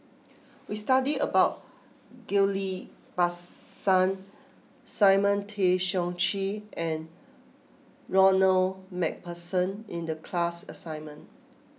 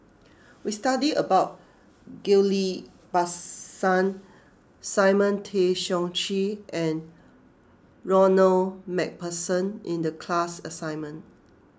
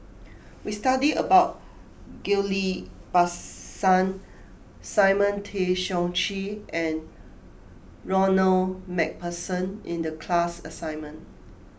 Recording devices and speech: mobile phone (iPhone 6), close-talking microphone (WH20), boundary microphone (BM630), read sentence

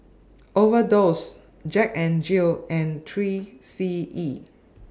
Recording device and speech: standing microphone (AKG C214), read sentence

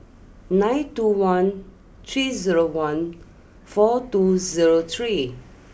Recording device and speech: boundary microphone (BM630), read sentence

